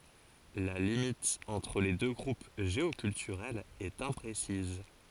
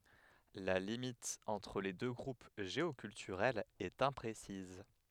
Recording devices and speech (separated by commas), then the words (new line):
forehead accelerometer, headset microphone, read sentence
La limite entre les deux groupes géoculturels est imprécise.